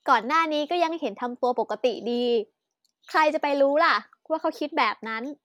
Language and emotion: Thai, happy